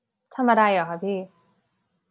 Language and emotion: Thai, neutral